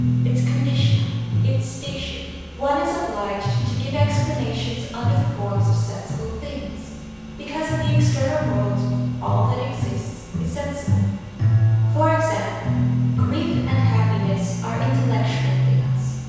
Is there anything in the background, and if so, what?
Music.